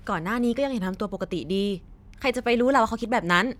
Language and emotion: Thai, angry